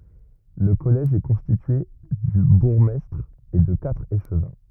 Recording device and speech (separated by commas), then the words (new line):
rigid in-ear microphone, read sentence
Le collège est constitué du bourgmestre et de quatre échevins.